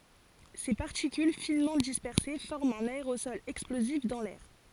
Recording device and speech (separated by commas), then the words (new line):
forehead accelerometer, read sentence
Ses particules finement dispersées forment un aérosol explosif dans l'air.